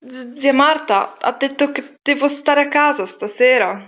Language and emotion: Italian, fearful